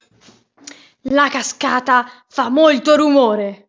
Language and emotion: Italian, angry